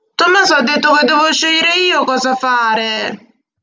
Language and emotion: Italian, angry